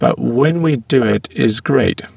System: VC, spectral filtering